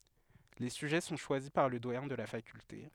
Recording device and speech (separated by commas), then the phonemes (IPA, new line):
headset microphone, read sentence
le syʒɛ sɔ̃ ʃwazi paʁ lə dwajɛ̃ də la fakylte